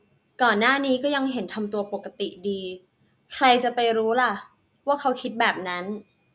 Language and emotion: Thai, frustrated